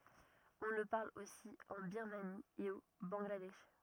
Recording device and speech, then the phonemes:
rigid in-ear microphone, read sentence
ɔ̃ lə paʁl osi ɑ̃ biʁmani e o bɑ̃ɡladɛʃ

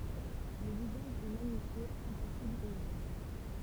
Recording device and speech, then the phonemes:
temple vibration pickup, read sentence
lə vizaʒ ɛ maɲifje ɛ̃pasibl e ʒøn

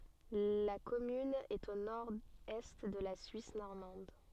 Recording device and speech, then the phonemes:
soft in-ear microphone, read sentence
la kɔmyn ɛt o noʁɛst də la syis nɔʁmɑ̃d

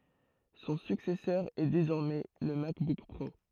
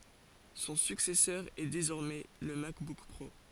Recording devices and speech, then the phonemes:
throat microphone, forehead accelerometer, read sentence
sɔ̃ syksɛsœʁ ɛ dezɔʁmɛ lə makbuk pʁo

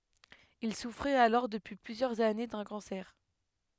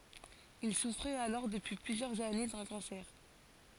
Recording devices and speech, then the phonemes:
headset microphone, forehead accelerometer, read sentence
il sufʁɛt alɔʁ dəpyi plyzjœʁz ane dœ̃ kɑ̃sɛʁ

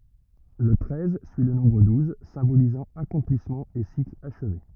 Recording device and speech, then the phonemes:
rigid in-ear microphone, read sentence
lə tʁɛz syi lə nɔ̃bʁ duz sɛ̃bolizɑ̃ akɔ̃plismɑ̃ e sikl aʃve

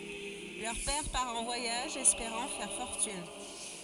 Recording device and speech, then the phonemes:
forehead accelerometer, read sentence
lœʁ pɛʁ paʁ ɑ̃ vwajaʒ ɛspeʁɑ̃ fɛʁ fɔʁtyn

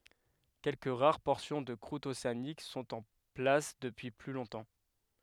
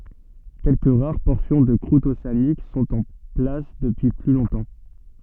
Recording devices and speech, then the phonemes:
headset microphone, soft in-ear microphone, read sentence
kɛlkə ʁaʁ pɔʁsjɔ̃ də kʁut oseanik sɔ̃t ɑ̃ plas dəpyi ply lɔ̃tɑ̃

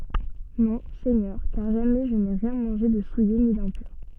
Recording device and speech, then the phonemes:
soft in-ear microphone, read sentence
nɔ̃ sɛɲœʁ kaʁ ʒamɛ ʒə ne ʁjɛ̃ mɑ̃ʒe də suje ni dɛ̃pyʁ

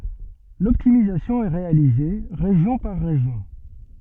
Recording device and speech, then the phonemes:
soft in-ear microphone, read sentence
lɔptimizasjɔ̃ ɛ ʁealize ʁeʒjɔ̃ paʁ ʁeʒjɔ̃

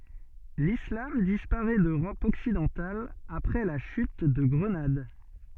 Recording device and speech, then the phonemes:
soft in-ear microphone, read sentence
lislam dispaʁɛ døʁɔp ɔksidɑ̃tal apʁɛ la ʃyt də ɡʁənad

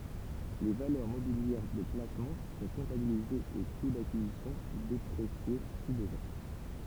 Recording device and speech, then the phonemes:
temple vibration pickup, read sentence
le valœʁ mobiljɛʁ də plasmɑ̃ sɔ̃ kɔ̃tabilizez o ku dakizisjɔ̃ depʁesje si bəzwɛ̃

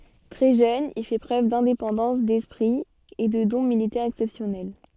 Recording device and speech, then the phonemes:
soft in-ear microphone, read sentence
tʁɛ ʒøn il fɛ pʁøv dɛ̃depɑ̃dɑ̃s dɛspʁi e də dɔ̃ militɛʁz ɛksɛpsjɔnɛl

